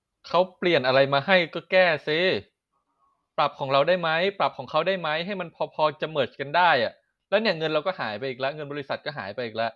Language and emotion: Thai, frustrated